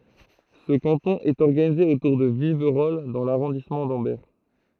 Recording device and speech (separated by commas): throat microphone, read sentence